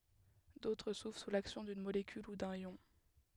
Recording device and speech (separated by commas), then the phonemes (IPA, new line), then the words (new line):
headset microphone, read sentence
dotʁ suvʁ su laksjɔ̃ dyn molekyl u dœ̃n jɔ̃
D'autres s'ouvrent sous l'action d'une molécule ou d'un ion.